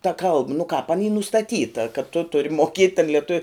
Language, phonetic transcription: Lithuanian, ta ˈkalb nu kāp an y nustaˈtyta kad tu ˈturi moˈkiet' tan lieˈtuv'

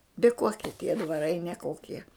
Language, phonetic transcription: Lithuanian, bi ˈkokie tie dvaˈrai neˈkokie

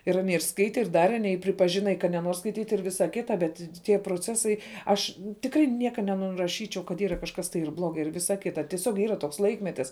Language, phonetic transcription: Lithuanian, ir aˈnie ir ˈskaite ir ˈdare aˈnie i pripaˈžina i ka neˈnuor skaiˈtyt' ir ˈvisa ˈkita bet tie proˈcesai ˈaš tikˈrai ˈnieka nenuraˈšyčiau kad ˈyra kažkas tai ir ˈblogai ir ˈvisa ˈkita tieˈsiog ˈyra toks ˈlaikmetis

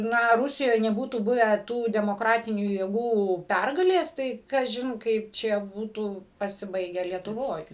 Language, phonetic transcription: Lithuanian, ˈna ˈrusijoj neˈbūtų ˈbuvę ˈtų demoˈkratinių jėˈgų ˈpergalės ˈtai kaˈžin ˈkaip čia ˈbūtų pasiˈbaige lietuˈvoj

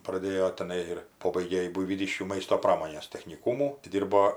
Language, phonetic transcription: Lithuanian, praˈdėjo teˈnai ir ˈpobaigė ji buivyˈdyškių ˈmaisto ˈpramonės techniˈkūmų ti ˈdyrbo

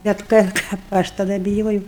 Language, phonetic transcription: Lithuanian, bet ˈkad kap ˈaš taˈda biˈjojau

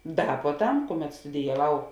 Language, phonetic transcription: Lithuanian, ˈda puoˈtam ˈkuˌmet studijaˈvau

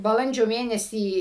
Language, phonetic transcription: Lithuanian, baˈlandžio ˈmėnesį

